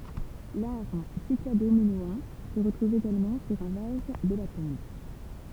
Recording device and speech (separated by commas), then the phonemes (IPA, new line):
temple vibration pickup, read sentence
laʁ sikladominoɑ̃ sə ʁətʁuv eɡalmɑ̃ syʁ œ̃ vaz də la tɔ̃b